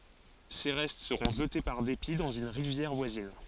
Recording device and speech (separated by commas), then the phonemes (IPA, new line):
forehead accelerometer, read sentence
se ʁɛst səʁɔ̃ ʒəte paʁ depi dɑ̃z yn ʁivjɛʁ vwazin